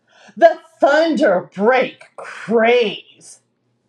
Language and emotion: English, disgusted